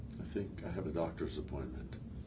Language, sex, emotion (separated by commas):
English, male, neutral